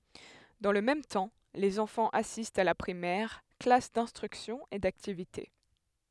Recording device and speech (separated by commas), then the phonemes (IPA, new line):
headset microphone, read sentence
dɑ̃ lə mɛm tɑ̃ lez ɑ̃fɑ̃z asistt a la pʁimɛʁ klas dɛ̃stʁyksjɔ̃ e daktivite